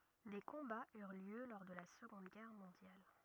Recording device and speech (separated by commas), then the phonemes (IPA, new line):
rigid in-ear microphone, read sentence
de kɔ̃baz yʁ ljø lɔʁ də la səɡɔ̃d ɡɛʁ mɔ̃djal